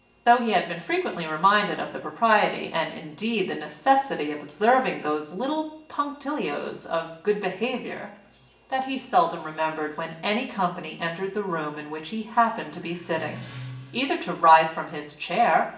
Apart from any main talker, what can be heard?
A television.